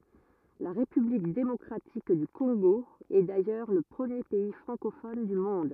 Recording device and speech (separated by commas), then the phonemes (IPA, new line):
rigid in-ear microphone, read sentence
la ʁepyblik demɔkʁatik dy kɔ̃ɡo ɛ dajœʁ lə pʁəmje pɛi fʁɑ̃kofɔn dy mɔ̃d